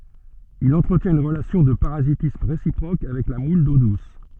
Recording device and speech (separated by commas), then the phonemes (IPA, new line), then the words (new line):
soft in-ear microphone, read sentence
il ɑ̃tʁətjɛ̃t yn ʁəlasjɔ̃ də paʁazitism ʁesipʁok avɛk la mul do dus
Il entretient une relation de parasitisme réciproque avec la moule d'eau douce.